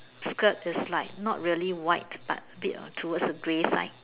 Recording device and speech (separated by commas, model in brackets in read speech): telephone, conversation in separate rooms